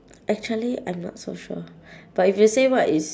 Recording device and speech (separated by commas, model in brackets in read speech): standing microphone, conversation in separate rooms